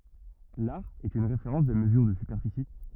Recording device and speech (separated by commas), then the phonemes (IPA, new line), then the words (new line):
rigid in-ear microphone, read sentence
laʁ ɛt yn ʁefeʁɑ̃s də məzyʁ də sypɛʁfisi
L'are est une référence de mesure de superficie.